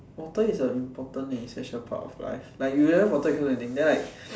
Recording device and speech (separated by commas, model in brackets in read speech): standing microphone, conversation in separate rooms